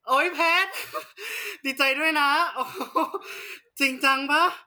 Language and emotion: Thai, happy